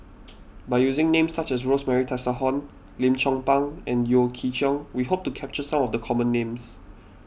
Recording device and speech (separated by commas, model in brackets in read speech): boundary microphone (BM630), read sentence